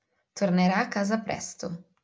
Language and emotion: Italian, neutral